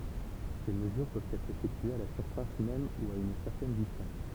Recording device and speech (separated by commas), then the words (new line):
temple vibration pickup, read sentence
Ces mesures peuvent être effectuées à la surface même ou à une certaine distance.